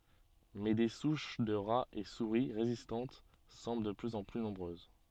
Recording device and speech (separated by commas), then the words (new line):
soft in-ear microphone, read sentence
Mais des souches de rats et souris résistantes semblent de plus en plus nombreuses.